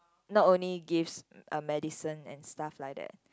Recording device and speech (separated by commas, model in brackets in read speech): close-talking microphone, conversation in the same room